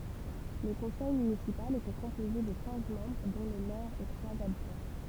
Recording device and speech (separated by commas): temple vibration pickup, read sentence